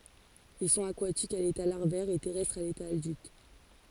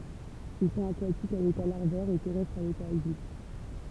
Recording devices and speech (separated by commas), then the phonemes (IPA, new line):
forehead accelerometer, temple vibration pickup, read sentence
il sɔ̃t akwatikz a leta laʁvɛʁ e tɛʁɛstʁz a leta adylt